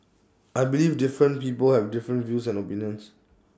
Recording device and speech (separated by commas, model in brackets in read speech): standing microphone (AKG C214), read sentence